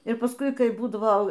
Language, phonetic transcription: Lithuanian, ir pasˈkui ˈkai ˈbūdavo

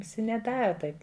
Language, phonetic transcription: Lithuanian, viˈsi neˈdara ˈtaip

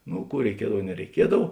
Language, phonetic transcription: Lithuanian, ˈnu ˈkų reiˈkiedav nereiˈkiedav

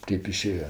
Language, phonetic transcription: Lithuanian, ˈtėp iˈšėja

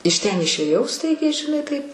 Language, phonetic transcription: Lithuanian, iš ˈten išėˈjau ˈstaigiai žiˈnai ˈtaip

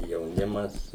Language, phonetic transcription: Lithuanian, jauˈnimas

